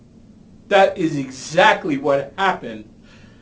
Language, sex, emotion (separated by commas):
English, male, angry